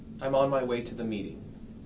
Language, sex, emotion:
English, male, neutral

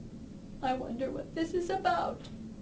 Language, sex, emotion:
English, female, sad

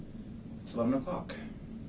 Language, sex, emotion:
English, male, neutral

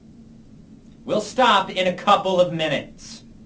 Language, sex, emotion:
English, male, angry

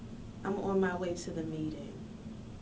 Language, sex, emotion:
English, female, neutral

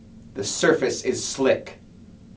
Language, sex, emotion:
English, male, fearful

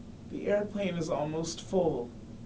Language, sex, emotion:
English, male, sad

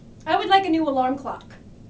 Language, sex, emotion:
English, female, neutral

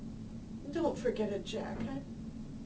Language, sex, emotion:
English, female, sad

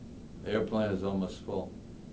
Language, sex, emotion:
English, male, neutral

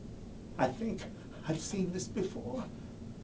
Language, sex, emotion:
English, male, neutral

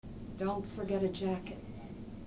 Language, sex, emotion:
English, female, sad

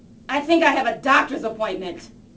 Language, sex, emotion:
English, female, angry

